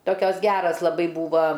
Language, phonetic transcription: Lithuanian, ˈtokios ˈgeras laˈbai ˈbūva

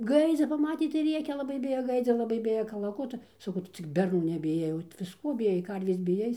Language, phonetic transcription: Lithuanian, ˈgaidzi paˈmatė tai ˈrėkia laˈbai ˈbijo ˈgaidzio laˈbai ˈbija kalaˈkutu saˈkau ˈtu cik berˈnų nebiˈjai o visˈkuo biˈjai ˈkarvės biˈjai

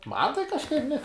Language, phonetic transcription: Lithuanian, ˈman tai kažˈkaip ne

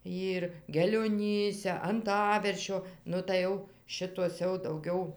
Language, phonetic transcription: Lithuanian, ˈyr gelioˈnyse anˈtaveršio ˈnu tai ˈjau ˈšitos jau dauˈgiau

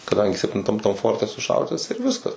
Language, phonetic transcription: Lithuanian, kaˈdangi septinˈtam tam ˈforte suˈšauditas ir ˈviskas

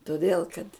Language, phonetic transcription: Lithuanian, toˈdėl kad

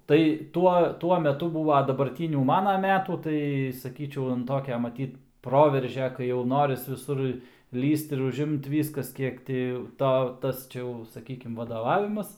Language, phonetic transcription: Lithuanian, tai ˈtuo ˈtuo meˈtu ˈbūva dabarˈtynių ˈmana ˈmetų ˈtai saˈkyčiau ˈtokia maˈtyt ˈproveržia kai jau ˈnoris viˈsur ˈlįst ir užˈimt ˈvyskas ˈkiek ti ˈto ˈtas čia ˈjau saˈkykim vadoˈvavimas

